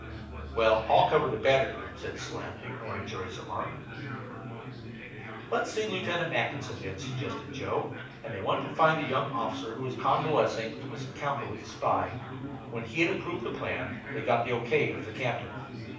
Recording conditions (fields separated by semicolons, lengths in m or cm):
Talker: one person; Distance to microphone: 5.8 m; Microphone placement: far; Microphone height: 1.8 m; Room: medium-sized (5.7 m by 4.0 m); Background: babble